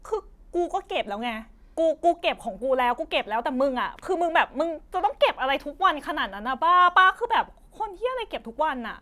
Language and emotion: Thai, angry